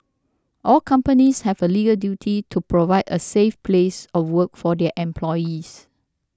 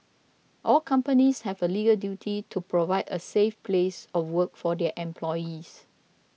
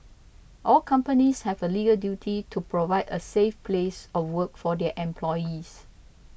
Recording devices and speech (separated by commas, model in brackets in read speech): standing microphone (AKG C214), mobile phone (iPhone 6), boundary microphone (BM630), read sentence